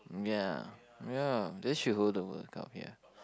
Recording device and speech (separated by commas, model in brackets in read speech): close-talking microphone, conversation in the same room